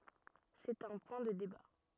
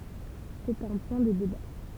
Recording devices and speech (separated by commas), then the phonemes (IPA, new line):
rigid in-ear microphone, temple vibration pickup, read sentence
sɛt œ̃ pwɛ̃ də deba